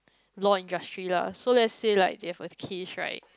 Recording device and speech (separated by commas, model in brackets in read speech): close-talking microphone, conversation in the same room